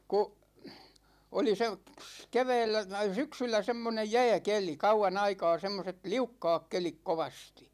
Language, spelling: Finnish, kun oli se - keväällä syksyllä semmoinen jääkeli kauan aikaa semmoiset liukkaat kelit kovasti
- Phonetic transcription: 'ku , 'oli se , (y)ks- , 'kevɛɛllä , 'syksyllä 'semmonej "jä̭ä̭keli , 'kau₍a'n ‿aikaa 'semmoset "liukkaak 'kelik 'kovastI .

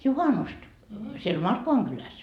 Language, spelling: Finnish, juhannusta siellä Markkovan kylässä
- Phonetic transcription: 'juhanust , siel "Markkovaŋ Gyläs ?

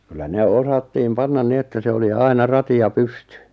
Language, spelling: Finnish, kyllä ne osattiin panna niin että se oli aina rati ja pystyi
- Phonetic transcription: kyllä 'ne 'osattiim 'pannan 'ni ‿että se oli 'aina "rati ja "pystʏ .

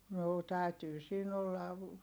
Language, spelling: Finnish, no täytyy siinä olla
- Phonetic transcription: noo tä̀ytyy siin ‿ollav ,.

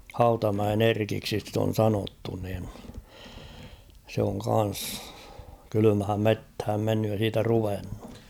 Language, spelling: Finnish, Hautamäen Erkiksi sitä on sanottu niin se on kanssa kylmään metsään mennyt ja siitä ruvennut
- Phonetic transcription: 'Hautamäen ‿"Erkiksi sit ‿on 'sanottu nin , se oŋ kan̬s , 'kylymhäm "methäm mennyj ja 'siitä 'ruvennu .

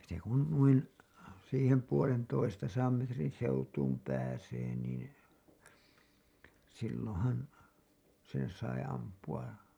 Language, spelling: Finnish, se kun noin siihen puolentoistasadan metrin seutuun pääsee niin silloinhan sen sai ampua
- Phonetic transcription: se kun , nuin , siihem puolen'toistasaam metrin seutuum pääsee niin , silloo̰han , sen sai ampu₍a .

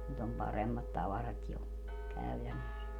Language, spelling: Finnish, nyt on paremmat tavarat jo käytännössä
- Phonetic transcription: nyt ‿om 'paremmat 'tavarat jo , 'käytännös .

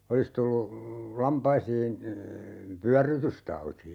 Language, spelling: Finnish, olisi tullut lampaisiin pyörrytystauti
- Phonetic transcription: 'olis tullu , 'lampaisiin , "pyärrytystauti .

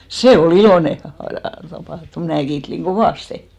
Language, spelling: Finnish, se oli iloinen asia tapahtuma minä kiittelin kovasti
- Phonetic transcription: "se o"l ‿ilòne a(si) , tapa(htum) 'mnä̀ kiiᴅliŋ "ɢovàste .

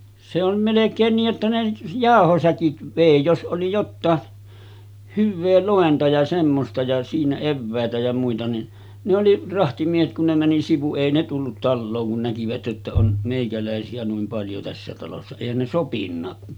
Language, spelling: Finnish, se on melkein niin että ne jauhosäkit vei jos oli jotakin hyvää lointa ja semmoista ja siinä eväitä ja muita niin ne oli rahtimiehet kun ne meni sivu ei ne tullut taloon kun näkivät että on meikäläisiä noin paljon tässä talossa eihän ne sopinutkaan
- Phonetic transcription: se ‿on̳§ 'melek̆keen nii’ ’että ne , 'jàohosäkit 'vèi jos ’oli jottaa , 'hyvvee 'lòenta ja semmosta ja siinä 'evvä̀etä ja muita ni , ne oli 'rahtimiehet kun ne 'mäni sivu 'èi ne tullut "tallooŋ kun näkivät ’että on , 'mèikälä̀esi₍ä nuim 'paljo tässä talossa , èihän ne 'sopinnaa .

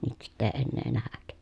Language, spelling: Finnish, nyt sitten ei enää nähdä
- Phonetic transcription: nyt sitt ‿èi ennee nähäk » .

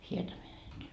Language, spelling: Finnish, Hietamäeltä
- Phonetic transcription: Hietamää₍elt .

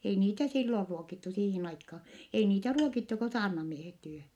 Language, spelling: Finnish, ei niitä silloin ruokittu siihen aikaan ei niitä ruokittu kuin saarnamiehet tyhjän
- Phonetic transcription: ei niitä sillor ruokittu siihin aikkaa , ei niitä ruokittu ko saarnamiehet ty(hä) .

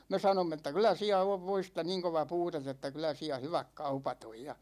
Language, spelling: Finnish, no me sanoimme että kyllä siellä on voista niin kova puute että kyllä siellä hyvät kaupat on ja
- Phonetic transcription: no , me 'sa-nomm ‿että » 'kylä "siä ov "voista niiŋ 'kova "puutet ‿että 'kylä siä "hyväk 'kaupat ‿oj « ja .

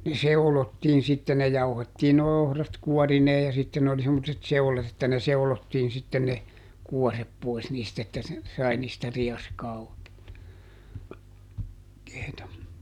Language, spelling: Finnish, ne seulottiin sitten ne jauhettiin nuo ohrat kuorineen ja sitten oli semmoiset seulat että ne seulottiin sitten ne kuoret pois niistä että ne sai niistä rieskaa oikeata -
- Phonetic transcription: ne "seu̬lottiin ˈsitte - ne ˈjauhettiin noi̮ ˈohrat "kuɔrinee ja sitten ‿oli semmottet "seulat ‿että ne ˈseulottiin sitten ne , ˈkuɔrep ˈpois niist ‿että (ne) , ˈsai niistä ˈriɛskaa (òi̮keeta , -keeta) .

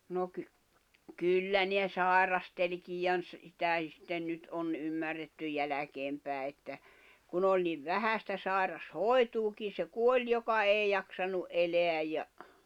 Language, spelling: Finnish, no - kyllä ne sairastelikin ja - - sitä sitten nyt on ymmärretty jälkeen päin että kun oli niin vähän sitä sairaanhoitoakin se kuoli joka ei jaksanut elää ja
- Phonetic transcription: no ky- , 'kyllä ne 'sàirasteĺkij ja ‿n- ‿s- , (sitä̀i) sitten 'nyt ’on 'ymmärretty 'jäläkeem pä̀i̬ että , 'kun ‿oĺ niv 'vähä sⁱtä 'sài̬ras"hòi̬tuukin̬ se 'kuoĺ 'joka 'èi jaksanu’ '’eleäj ja ,.

